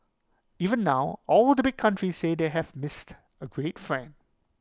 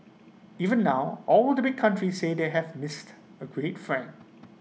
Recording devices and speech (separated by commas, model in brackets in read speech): close-talking microphone (WH20), mobile phone (iPhone 6), read sentence